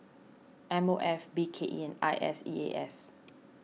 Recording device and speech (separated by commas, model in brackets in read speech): mobile phone (iPhone 6), read sentence